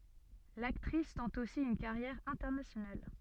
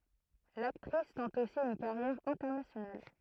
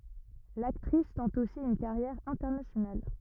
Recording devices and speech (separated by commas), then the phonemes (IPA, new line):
soft in-ear microphone, throat microphone, rigid in-ear microphone, read sentence
laktʁis tɑ̃t osi yn kaʁjɛʁ ɛ̃tɛʁnasjonal